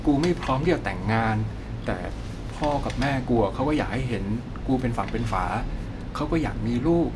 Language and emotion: Thai, frustrated